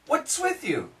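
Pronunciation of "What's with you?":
'What's with you?' is said a little slower, and the T in 'what's' is heard.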